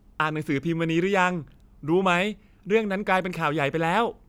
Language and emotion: Thai, neutral